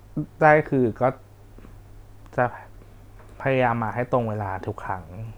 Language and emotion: Thai, sad